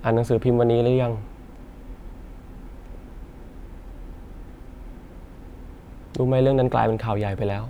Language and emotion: Thai, sad